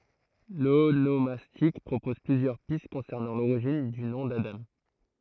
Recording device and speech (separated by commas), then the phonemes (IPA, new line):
throat microphone, read sentence
lonomastik pʁopɔz plyzjœʁ pist kɔ̃sɛʁnɑ̃ loʁiʒin dy nɔ̃ dadɑ̃